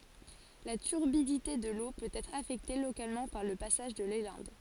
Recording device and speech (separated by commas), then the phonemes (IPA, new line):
forehead accelerometer, read sentence
la tyʁbidite də lo pøt ɛtʁ afɛkte lokalmɑ̃ paʁ lə pasaʒ də lelɛ̃d